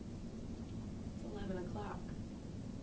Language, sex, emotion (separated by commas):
English, female, neutral